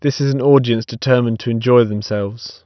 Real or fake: real